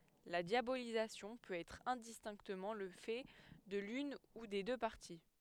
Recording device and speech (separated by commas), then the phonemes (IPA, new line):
headset microphone, read sentence
la djabolizasjɔ̃ pøt ɛtʁ ɛ̃distɛ̃ktəmɑ̃ lə fɛ də lyn u de dø paʁti